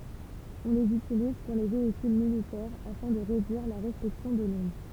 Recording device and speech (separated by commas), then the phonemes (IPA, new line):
temple vibration pickup, read sentence
ɔ̃ lez ytiliz syʁ le veikyl militɛʁ afɛ̃ də ʁedyiʁ la ʁeflɛksjɔ̃ də lɔ̃d